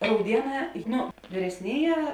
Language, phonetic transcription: Lithuanian, rauˈdieˌnā ˈnu vyresˈnėˌjē

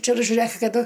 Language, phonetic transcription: Lithuanian, ˈčia ir žiuˈrɘk kaˈdu

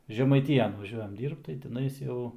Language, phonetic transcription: Lithuanian, žemaiˈtyjan vaˈžiuojam ˈdyrbt tai tiˈnais ˈjau

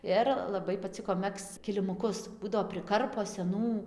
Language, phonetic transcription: Lithuanian, ˈir laˈbai paˈciko ˈmegzc kilimuˈkus ˈbūdavo priˈkarpo seˈnų

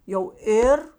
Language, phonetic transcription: Lithuanian, jau ˈėr

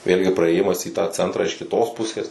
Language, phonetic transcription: Lithuanian, ˈvėlgi praėˈjimas į tą ˈcentrą iš kiˈtos ˈpusės

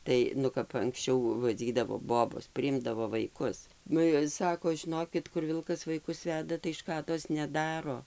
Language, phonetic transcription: Lithuanian, ˈtai ˈnu kap anksˈčiau vaˈdzydavo ˈbobos priˈimdavo vaiˈkus ˈnu ir ˈsako žiˈnokit kur ˈvilkas vaiˈkus ˈveda tai ˈškados neˈdaro

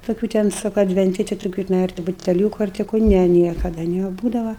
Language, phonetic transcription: Lithuanian, toˈkių ten ˈsu ka advenˈti ti toˈkių tiˈnai ar ti buteˈliūku ar ti ˈku ˈne ˈniekada neˈbūdava

